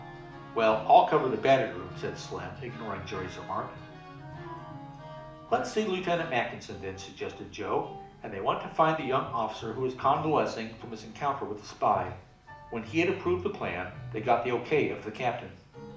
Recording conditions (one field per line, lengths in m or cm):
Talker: one person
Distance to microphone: 2.0 m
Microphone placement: close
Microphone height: 99 cm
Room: medium-sized (5.7 m by 4.0 m)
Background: music